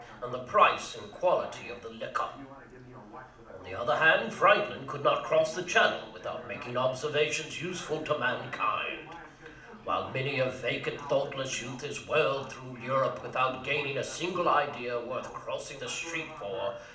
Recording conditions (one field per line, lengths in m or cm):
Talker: one person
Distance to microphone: 2.0 m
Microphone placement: close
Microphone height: 99 cm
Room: medium-sized (5.7 m by 4.0 m)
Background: television